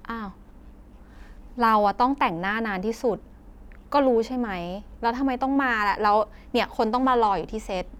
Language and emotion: Thai, frustrated